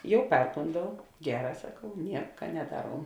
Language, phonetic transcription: Lithuanian, ˈjau ˈperkondau ˈgeˌrā saˈkau ˈnieka neˈdaˌruom

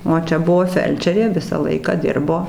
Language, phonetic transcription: Lithuanian, o ˈčia ˈbuvo ˈfelčerė ˈvisą ˈlaiką ˈdirbo

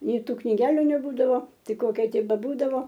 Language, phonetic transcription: Lithuanian, ˈnei ˈtų kniˈgeliu neˈbūdavo ˈtai ˈkokia ˈtik beˈbūdavo

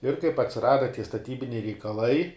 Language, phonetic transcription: Lithuanian, ir kaip atsiˈrada tie staˈtybiniai reikaˈlai

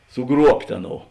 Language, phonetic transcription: Lithuanian, suˈgruobt' ˈaˌnou

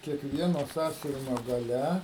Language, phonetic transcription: Lithuanian, kiekˈvieno ˈsąsiuvinio gaˈle

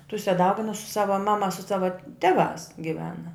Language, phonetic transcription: Lithuanian, ˈtuse ˈdauginus su ˈsava ˈmama su ˈsava ˈteˌvās giˈvena

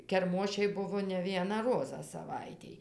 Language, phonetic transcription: Lithuanian, kerˈmošiai ˈbuvo ne ˈvieną ˈrozą saˈvaitėj

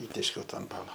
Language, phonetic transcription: Lithuanian, ˈįtėškiau ˈtą anˈtana

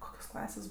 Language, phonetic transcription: Lithuanian, ˈkokios ˈklasės

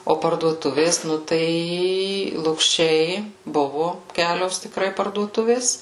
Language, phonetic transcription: Lithuanian, o parduoˈtuvės ˈnu ˈtai lukˈšiai ˈbuvu ˈkelios tikˈrai parduoˈtuvės

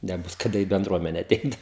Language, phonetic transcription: Lithuanian, neˈbus kaˈda į benˈdruomene aˈteit

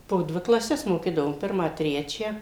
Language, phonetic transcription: Lithuanian, po ˈdvi klaˈses moˈkydavom ˈpirmą trečią

